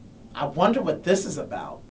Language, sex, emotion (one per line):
English
male
fearful